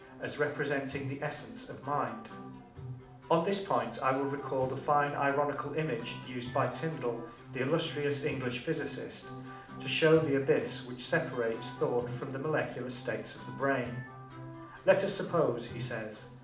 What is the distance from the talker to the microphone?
2.0 m.